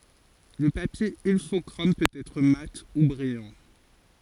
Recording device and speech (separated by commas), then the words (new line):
forehead accelerometer, read sentence
Le papier Ilfochrome peut être mat ou brillant.